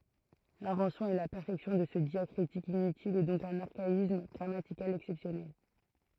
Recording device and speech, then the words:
throat microphone, read sentence
L'invention et la perfection de ce diacritique inutile est donc d'un archaïsme grammatical exceptionnel.

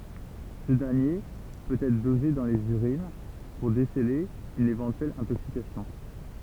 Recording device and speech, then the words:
temple vibration pickup, read sentence
Ce dernier peut être dosé dans les urines pour déceler une éventuelle intoxication.

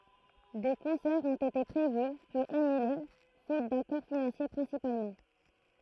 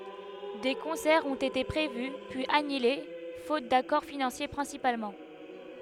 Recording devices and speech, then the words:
throat microphone, headset microphone, read sentence
Des concerts ont été prévus puis annulés faute d'accords financiers principalement.

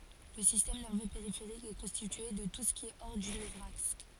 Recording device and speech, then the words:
forehead accelerometer, read sentence
Le système nerveux périphérique est constitué de tout ce qui est hors du nevraxe.

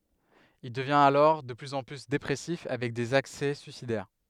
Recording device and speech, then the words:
headset microphone, read sentence
Il devient alors de plus en plus dépressif avec des accès suicidaires.

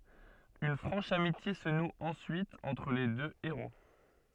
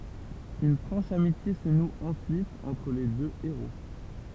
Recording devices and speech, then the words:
soft in-ear microphone, temple vibration pickup, read sentence
Une franche amitié se noue ensuite entre les deux héros.

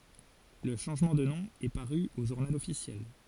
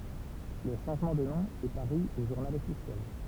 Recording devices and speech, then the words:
forehead accelerometer, temple vibration pickup, read sentence
Le changement de nom est paru au journal officiel.

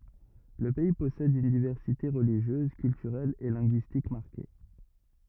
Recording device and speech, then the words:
rigid in-ear microphone, read sentence
Le pays possède une diversité religieuse, culturelle et linguistique marquée.

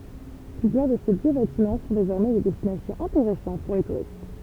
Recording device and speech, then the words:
temple vibration pickup, read sentence
Plusieurs de ces vieux bâtiments sont désormais des destinations intéressantes pour les touristes.

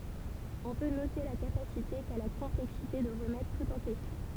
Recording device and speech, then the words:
temple vibration pickup, read sentence
On peut noter la capacité qu'a la complexité de remettre tout en question.

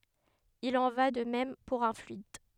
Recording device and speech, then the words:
headset microphone, read sentence
Il en va de même pour un fluide.

